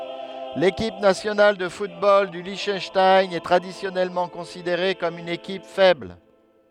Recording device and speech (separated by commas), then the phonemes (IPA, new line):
headset microphone, read sentence
lekip nasjonal də futbol dy liʃtœnʃtajn ɛ tʁadisjɔnɛlmɑ̃ kɔ̃sideʁe kɔm yn ekip fɛbl